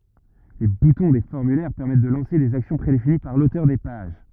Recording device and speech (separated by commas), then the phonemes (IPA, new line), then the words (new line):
rigid in-ear microphone, read sentence
le butɔ̃ de fɔʁmylɛʁ pɛʁmɛt də lɑ̃se dez aksjɔ̃ pʁedefini paʁ lotœʁ de paʒ
Les boutons des formulaires permettent de lancer des actions prédéfinies par l'auteur des pages.